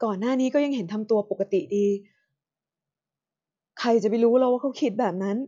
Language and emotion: Thai, frustrated